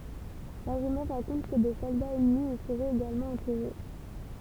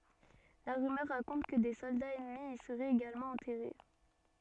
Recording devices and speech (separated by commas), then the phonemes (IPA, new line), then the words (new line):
temple vibration pickup, soft in-ear microphone, read sentence
la ʁymœʁ ʁakɔ̃t kə de sɔldaz ɛnmi i səʁɛt eɡalmɑ̃ ɑ̃tɛʁe
La rumeur raconte que des soldats ennemis y seraient également enterrés.